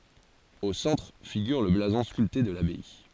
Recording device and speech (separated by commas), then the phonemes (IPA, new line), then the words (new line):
forehead accelerometer, read sentence
o sɑ̃tʁ fiɡyʁ lə blazɔ̃ skylte də labaj
Au centre figure le blason sculpté de l'abbaye.